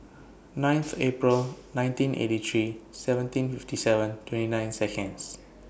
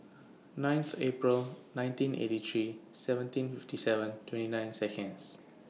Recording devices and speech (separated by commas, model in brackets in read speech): boundary microphone (BM630), mobile phone (iPhone 6), read sentence